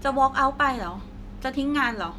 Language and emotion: Thai, frustrated